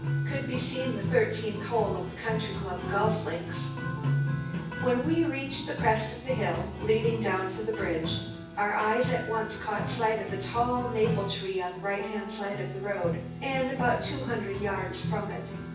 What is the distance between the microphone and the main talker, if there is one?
9.8 m.